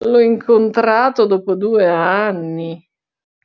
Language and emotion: Italian, disgusted